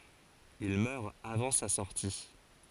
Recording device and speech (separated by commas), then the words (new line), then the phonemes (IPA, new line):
forehead accelerometer, read sentence
Il meurt avant sa sortie.
il mœʁ avɑ̃ sa sɔʁti